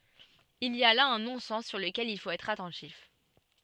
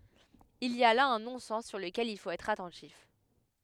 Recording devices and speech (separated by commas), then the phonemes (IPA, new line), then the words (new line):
soft in-ear microphone, headset microphone, read sentence
il i a la œ̃ nɔ̃sɛn syʁ ləkɛl il fot ɛtʁ atɑ̃tif
Il y a là un non-sens sur lequel il faut être attentif.